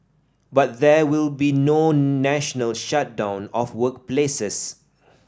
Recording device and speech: standing microphone (AKG C214), read sentence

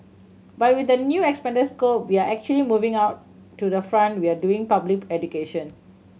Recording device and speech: mobile phone (Samsung C7100), read sentence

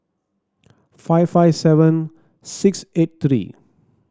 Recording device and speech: standing microphone (AKG C214), read sentence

